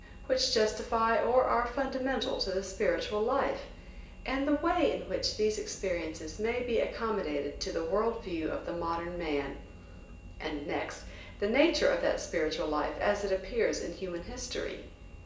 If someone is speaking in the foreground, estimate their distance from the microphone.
1.8 m.